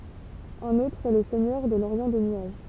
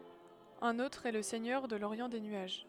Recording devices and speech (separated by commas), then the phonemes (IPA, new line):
temple vibration pickup, headset microphone, read sentence
œ̃n otʁ ɛ lə sɛɲœʁ də loʁjɑ̃ de nyaʒ